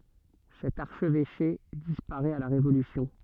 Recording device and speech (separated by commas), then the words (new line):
soft in-ear microphone, read sentence
Cet archevêché disparaît à la Révolution.